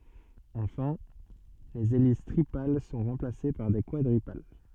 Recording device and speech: soft in-ear microphone, read sentence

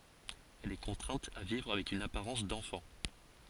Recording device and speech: forehead accelerometer, read sentence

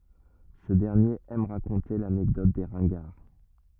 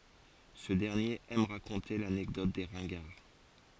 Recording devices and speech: rigid in-ear microphone, forehead accelerometer, read sentence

